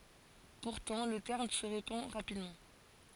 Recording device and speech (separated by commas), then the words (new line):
forehead accelerometer, read sentence
Pourtant, le terme se répand rapidement.